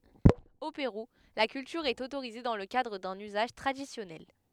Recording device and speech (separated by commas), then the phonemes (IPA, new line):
headset microphone, read sentence
o peʁu la kyltyʁ ɛt otoʁize dɑ̃ lə kadʁ dœ̃n yzaʒ tʁadisjɔnɛl